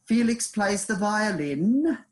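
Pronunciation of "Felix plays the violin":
'Felix plays the violin' is said with a rising tone at the end, which makes it a question.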